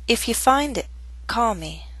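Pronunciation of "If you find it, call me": The final t in 'it' is said as a glottal stop.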